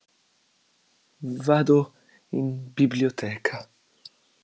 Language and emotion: Italian, neutral